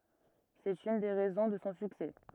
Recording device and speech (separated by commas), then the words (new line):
rigid in-ear microphone, read sentence
C'est une des raisons de son succès.